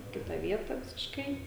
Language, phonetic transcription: Lithuanian, i ˈkita ˈvieta visišˈkai

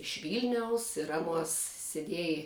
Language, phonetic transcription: Lithuanian, iš ˈvylniaus ir ˈaˌnuos seˈdiej

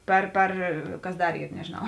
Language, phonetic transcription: Lithuanian, ˈper ˈper ˈkas ˈdar ˈyr nežėˈnau

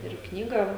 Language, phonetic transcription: Lithuanian, ir ˈknygą

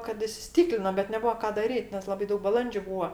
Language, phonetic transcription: Lithuanian, kad isiˈstyklino bet neˈbua ˈką daˈryt nes ˈlabai ˈdaug baˈlandžiu ˈbūa

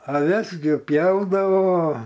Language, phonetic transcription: Lithuanian, aˈves gi ˈpjaudavo

